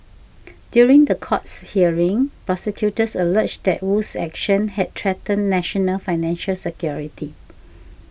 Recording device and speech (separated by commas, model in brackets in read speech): boundary microphone (BM630), read sentence